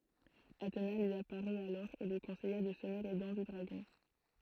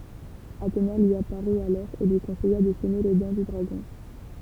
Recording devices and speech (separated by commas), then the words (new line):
throat microphone, temple vibration pickup, read sentence
Athéna lui apparut alors et lui conseilla de semer les dents du dragon.